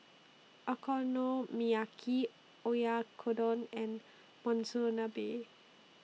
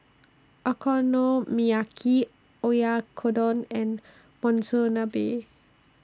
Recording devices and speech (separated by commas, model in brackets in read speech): mobile phone (iPhone 6), standing microphone (AKG C214), read sentence